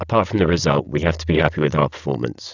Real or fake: fake